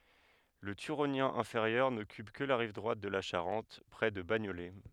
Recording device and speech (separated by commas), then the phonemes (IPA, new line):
headset microphone, read sentence
lə tyʁonjɛ̃ ɛ̃feʁjœʁ nɔkyp kə la ʁiv dʁwat də la ʃaʁɑ̃t pʁɛ də baɲolɛ